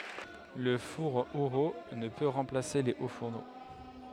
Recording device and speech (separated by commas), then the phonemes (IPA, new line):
headset microphone, read sentence
lə fuʁ eʁult nə pø ʁɑ̃plase le o fuʁno